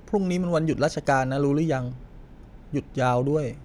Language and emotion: Thai, neutral